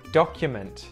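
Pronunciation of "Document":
In 'document', the t at the end is pronounced, not muted.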